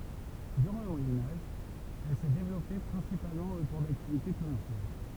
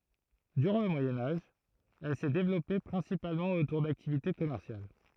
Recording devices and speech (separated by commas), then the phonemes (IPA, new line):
temple vibration pickup, throat microphone, read sentence
dyʁɑ̃ lə mwajɛ̃ aʒ ɛl sɛ devlɔpe pʁɛ̃sipalmɑ̃ otuʁ daktivite kɔmɛʁsjal